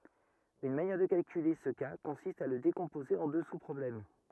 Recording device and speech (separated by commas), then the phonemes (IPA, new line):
rigid in-ear microphone, read sentence
yn manjɛʁ də kalkyle sə ka kɔ̃sist a lə dekɔ̃poze ɑ̃ dø suspʁɔblɛm